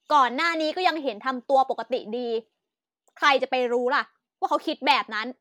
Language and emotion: Thai, angry